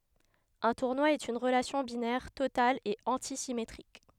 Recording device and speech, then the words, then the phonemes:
headset microphone, read sentence
Un tournoi est une relation binaire totale et antisymétrique.
œ̃ tuʁnwa ɛt yn ʁəlasjɔ̃ binɛʁ total e ɑ̃tisimetʁik

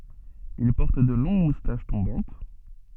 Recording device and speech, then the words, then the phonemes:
soft in-ear microphone, read sentence
Il porte de longues moustaches tombantes.
il pɔʁt də lɔ̃ɡ mustaʃ tɔ̃bɑ̃t

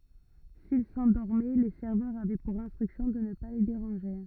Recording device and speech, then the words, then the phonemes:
rigid in-ear microphone, read sentence
S'ils s'endormaient, les serveurs avaient pour instruction de ne pas les déranger.
sil sɑ̃dɔʁmɛ le sɛʁvœʁz avɛ puʁ ɛ̃stʁyksjɔ̃ də nə pa le deʁɑ̃ʒe

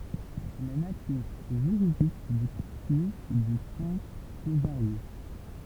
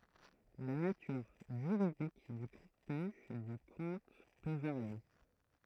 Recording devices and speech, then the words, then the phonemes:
temple vibration pickup, throat microphone, read sentence
La nature juridique du contenu du compte peux varier.
la natyʁ ʒyʁidik dy kɔ̃tny dy kɔ̃t pø vaʁje

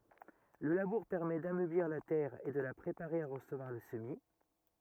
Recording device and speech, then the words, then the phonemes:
rigid in-ear microphone, read sentence
Le labour permet d'ameublir la terre et de la préparer à recevoir le semis.
lə labuʁ pɛʁmɛ damøbliʁ la tɛʁ e də la pʁepaʁe a ʁəsəvwaʁ lə səmi

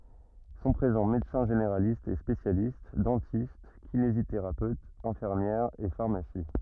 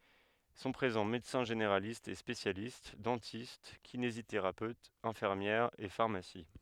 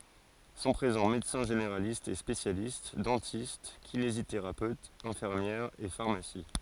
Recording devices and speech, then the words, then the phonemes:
rigid in-ear microphone, headset microphone, forehead accelerometer, read sentence
Sont présents médecins généralistes et spécialistes, dentistes, kinésithérapeutes, infirmières et pharmacies.
sɔ̃ pʁezɑ̃ medəsɛ̃ ʒeneʁalistz e spesjalist dɑ̃tist kineziteʁapøtz ɛ̃fiʁmjɛʁz e faʁmasi

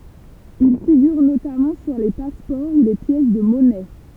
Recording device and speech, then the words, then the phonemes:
temple vibration pickup, read sentence
Il figure notamment sur les passeports ou les pièces de monnaie.
il fiɡyʁ notamɑ̃ syʁ le paspɔʁ u le pjɛs də mɔnɛ

